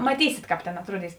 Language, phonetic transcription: Lithuanian, maˈtysit ˈkāp tėn atˈruoˌdys

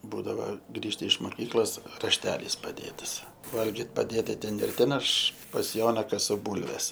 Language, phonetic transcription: Lithuanian, ˈbūdava ˈgrįžta iš moˈkyklos rašˈtelys paˈdėtas ˈvalgit paˈdėta ˈten ir ˈten aš pas ˈjona kaˈsu ˈbūlves

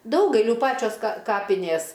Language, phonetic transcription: Lithuanian, ˈdaugailių ˈpačios ka ˈkapinės

